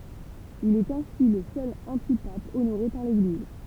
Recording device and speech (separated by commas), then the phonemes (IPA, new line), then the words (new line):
temple vibration pickup, read sentence
il ɛt ɛ̃si lə sœl ɑ̃tipap onoʁe paʁ leɡliz
Il est ainsi le seul antipape honoré par l’Église.